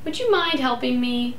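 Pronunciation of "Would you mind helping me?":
'Would you mind helping me?' is a request said with a rising intonation.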